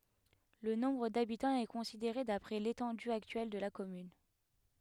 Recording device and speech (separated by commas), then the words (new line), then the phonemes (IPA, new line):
headset microphone, read sentence
Le nombre d'habitants est considéré d'après l'étendue actuelle de la commune.
lə nɔ̃bʁ dabitɑ̃z ɛ kɔ̃sideʁe dapʁɛ letɑ̃dy aktyɛl də la kɔmyn